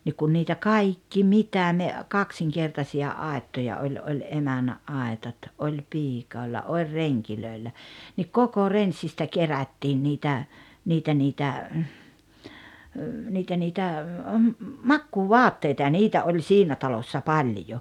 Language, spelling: Finnish, niin kun niitä kaikki mitä ne kaksinkertaisia aittoja oli oli emännän aitat oli - piioilla oli rengeillä niin koko renssistä kerättiin niitä niitä niitä niitä niitä makuuvaatteita ja niitä oli siinä talossa paljon
- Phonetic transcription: nik kun niitä "kaikki "mitä ne , "kaksiŋkertasi₍a 'àettoja oĺ oĺ "emännä’ '’aetat '’oĺ 'piik- -òella oĺ "reŋkilö̀ellä , nik "koko "renssistä "kerättiin 'niitä , 'niitä niitä , 'niitä niitä , "makkuuvɔatteita ja "niitä oĺ "siinä 'talossa "paĺjo .

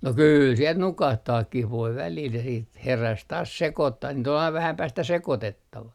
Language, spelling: Finnish, no kyllä siellä nukahtaakin voi välillä ja sitten heräsi taas sekoittamaan niitä oli aina vähän päästä sekoitettava
- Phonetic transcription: no 'kyyl siel "nukahtaakkih voi 'välil ja siit , 'heräs taas "sekottah niit ‿ol aiv 'vähäm 'päästä "sekotettava .

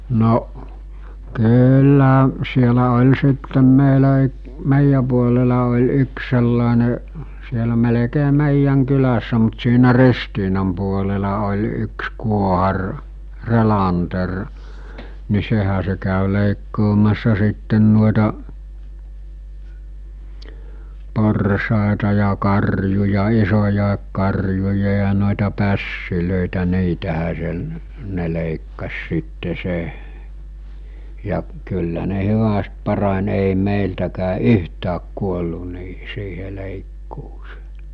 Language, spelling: Finnish, no kyllä siellä oli sitten meillä - meidän puolella oli yksi sellainen siellä melkein meidän kylässä mutta siinä Ristiinan puolella oli yksi kuohari Relander niin sehän se kävi leikkaamassa sitten noita porsaita ja karjuja isoja karjuja ja noita pässejä niitähän se ne leikkasi sitten se ja kyllä ne hyvästi parani ei meiltäkään yhtään kuollut niiden siihen leikkuuseen
- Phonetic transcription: noˀ , 'kyyllä̀ , sielä oĺ sittem meilä y- , 'mèijä puolela oĺ 'yks sellàene , sielä melekee 'mèijjäŋ 'kylässä mut siinä 'Ristiinam puolela oĺ 'yks 'kuohar , 'Relanter , ni 'sehä se kä̀y 'lèikkoomassa sitten nuoeta , 'porsàeta ja 'karjuja 'isojàek karjuja ja nòeta 'pässilö̀itä 'niitähä se , ne lèikkas sitte se , ja kyllä ne 'hyväst 'parań èi 'mèiltäkää "yhtääk 'kuollu niiɦɪ siihe 'lèikkuus(ᴇᴇ) .

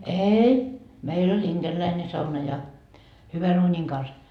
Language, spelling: Finnish, ei meillä oli inkeriläinen sauna ja hyvän uunin kanssa
- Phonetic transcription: "eei , 'meil ‿oĺ 'inGerläine sauna ja , 'hyvä'n ‿uuńiŋ kans .

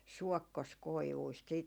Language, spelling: Finnish, suokkoskoivuista sitten
- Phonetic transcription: "suɔkkos'koivuist siit ,.

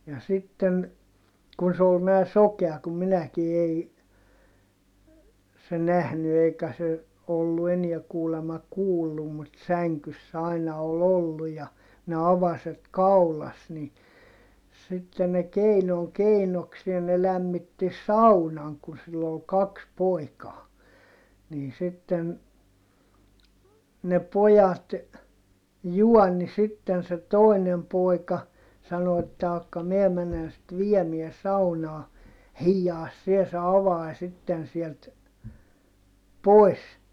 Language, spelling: Finnish, ja sitten kun se oli nämä sokea kuin minäkin ei se nähnyt eikä se ollut enää kuulemma kuullut mutta sängyssä aina oli ollut ja ne avaset kaulassa niin sitten ne keinon keinokseen ne lämmitti saunan kun sillä oli kaksi poikaa niin sitten ne pojat juoni sitten se toinen poika sanoi että jahka minä menen sitten viemään saunaan hiiaa sinä se avanen sitten sieltä pois
- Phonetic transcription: ja sitten , kun se ol nää sokea kum minäki ei , se nähny eikä se , ollu eniɛ kuulema kuullum mut säŋkyss ‿aina ol ‿ollu ja , ne avaset kaulas ni , sitte ne keinoŋ keinoksie ne lämmitti saunaŋ kun sill ‿ol kaks poikaa , niin sitten , ne pojat , juɔnni sitten se tòinem pòika , sano että » akka miɛ menen sit viɛmiɛ saunaa , hiijjaas sie se avai sitten sielt , poi̮s » .

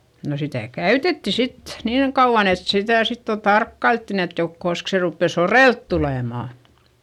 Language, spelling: Finnish, no sitä käytettiin sitten niin kauan että sitä sitten jo tarkkailtiin että - koska se rupeaa soreelle tulemaan
- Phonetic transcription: no sitä̀ käytetti sit , niiŋ kauᵛan ‿et sitä̀ sit jo tarkkailttin ‿et jo- , kosk se ruppè sorèlt tulèmà .

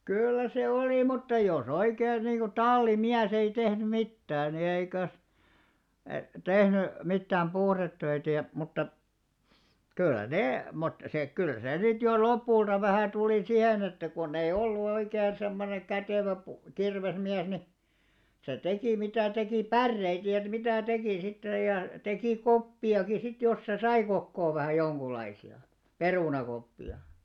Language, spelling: Finnish, kyllä se oli mutta jos oikein niin kuin tallimies ei tehnyt mitään niin eikös - tehnyt mitään puhdetöitä ja mutta kyllä ne mutta se kyllä se sitten jo lopulta vähän tuli siihen että kun ei ollut oikein semmoinen kätevä - kirvesmies niin se teki mitä teki päreitä ja että mitä teki sitten ja teki koppiakin sitten jos se sai kokoon vähän jonkunlaisia perunakoppia
- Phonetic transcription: 'kyllä se "oli mutta jo's ‿oikein niiŋɢu "talli'miäs ‿ei tehny "mittää ni eikö̀s , e+- , 'tehny , 'mittääm "puhrettöitä ja , mutta , 'kyllä 'nè , mut se , kyl 'sè 'sit jo "lop̆pùlta vähä̀ tuli 'sihen ‿että kunnei'ʲ ‿ollu oikeen̬ semmoneŋ 'kätèvä pu- , 'kirvesmiäs ni , se 'tekì mitä̀ 'tekì "pärreit ja et 'mitä̀ 'tekì sittej̆ ja , 'tekì "koppi₍aki sit jos 'se "sai kokkoo vähä̀j̆ 'joŋɢul̆laisi₍a , "perùnakoppi₍a .

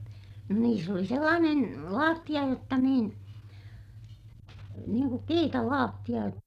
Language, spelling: Finnish, no niissä oli sellainen lattia jotta niin niin kuin kiitalattia -
- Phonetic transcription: no niis ‿oli sellaanen , laattiʲa jotta niin , niiŋ kuk kiitalaattiʲa jot - .

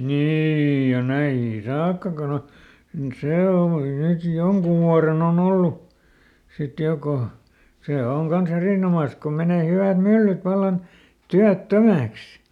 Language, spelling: Finnish, niin ja näihinkin saakka kun on se hommakin nyt jonkun vuoden on ollut sitten jo kun se on kanssa erinomaisessa kun menee hyvät myllyt vallan työttömäksi
- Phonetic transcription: "niiij ja ˈnäihiŋki "saakka kon ‿o , ˈsè hommaki nyt ˈjoŋkuv vuaren ‿o"n ‿ollu , sit ˈjo ko , ˈsè ˈoŋ kan̬ˈs ‿erìnomàs ko menè ˈhyvä̀t ˈmyllyt ˈvallan , ˈtyät"tömäks .

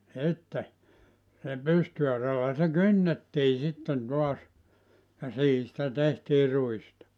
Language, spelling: Finnish, sitten sillä pystyauralla se kynnettiin sitten taas ja siihen sitä tehtiin ruista
- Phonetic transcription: 'sitte , (sillä) 'pysty₍arralla se "kynnettii 'sitten 'toas ja 'siihi sⁱtä 'tehtii 'ruista .

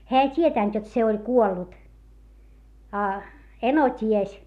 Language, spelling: Finnish, hän ei tiennyt jotta se oli kuollut a eno tiesi
- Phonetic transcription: heä ei t́ietä̀nt jot se oĺ kuollut , a , eno t́ies .

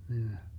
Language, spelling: Finnish, niin
- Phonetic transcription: nin .

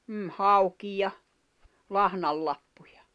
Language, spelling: Finnish, mm hauki ja lahnanlappuja
- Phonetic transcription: ’m̥m̥ 'hauki ja , 'lahnal'lappᴜᴊᴀ .

